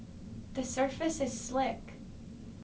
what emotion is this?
neutral